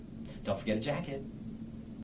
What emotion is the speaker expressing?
neutral